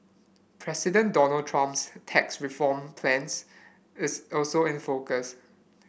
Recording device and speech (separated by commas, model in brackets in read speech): boundary microphone (BM630), read sentence